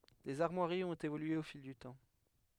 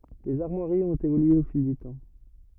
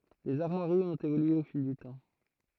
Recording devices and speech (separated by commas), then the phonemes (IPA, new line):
headset microphone, rigid in-ear microphone, throat microphone, read sentence
lez aʁmwaʁiz ɔ̃t evolye o fil dy tɑ̃